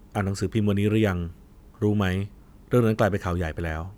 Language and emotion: Thai, neutral